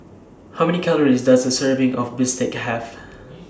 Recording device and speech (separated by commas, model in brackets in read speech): standing microphone (AKG C214), read sentence